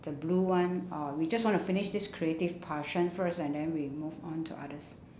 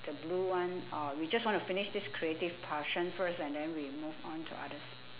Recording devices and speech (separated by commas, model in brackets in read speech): standing microphone, telephone, conversation in separate rooms